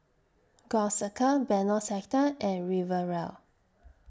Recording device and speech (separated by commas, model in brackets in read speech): standing microphone (AKG C214), read sentence